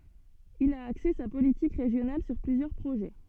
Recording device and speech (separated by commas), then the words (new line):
soft in-ear microphone, read sentence
Il a axé sa politique régionale sur plusieurs projets.